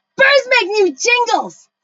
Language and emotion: English, disgusted